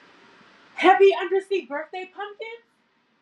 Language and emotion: English, surprised